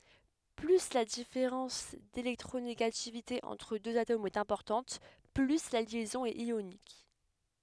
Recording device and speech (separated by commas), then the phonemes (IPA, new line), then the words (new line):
headset microphone, read sentence
ply la difeʁɑ̃s delɛktʁoneɡativite ɑ̃tʁ døz atomz ɛt ɛ̃pɔʁtɑ̃t ply la ljɛzɔ̃ ɛt jonik
Plus la différence d'électronégativité entre deux atomes est importante, plus la liaison est ionique.